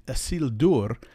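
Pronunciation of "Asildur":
In the last syllable, the vowel before the r keeps its normal sound; the r does not change the quality of the vowel.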